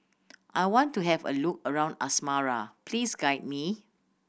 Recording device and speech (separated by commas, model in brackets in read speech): boundary microphone (BM630), read sentence